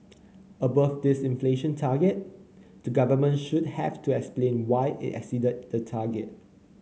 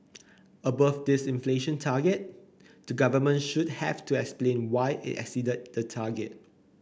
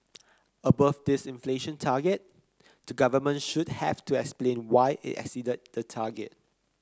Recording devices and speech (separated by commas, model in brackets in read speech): mobile phone (Samsung C9), boundary microphone (BM630), close-talking microphone (WH30), read sentence